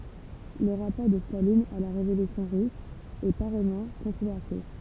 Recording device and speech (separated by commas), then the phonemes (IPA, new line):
temple vibration pickup, read sentence
lə ʁapɔʁ də stalin a la ʁevolysjɔ̃ ʁys ɛ paʁɛjmɑ̃ kɔ̃tʁovɛʁse